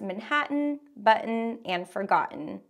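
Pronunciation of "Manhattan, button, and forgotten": In 'Manhattan', 'button' and 'forgotten', the t is a glottal stop: the t sound is not released, and it sounds a bit like holding your breath.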